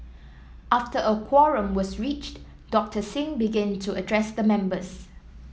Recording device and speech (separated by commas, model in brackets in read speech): mobile phone (iPhone 7), read sentence